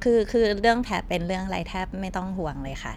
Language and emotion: Thai, neutral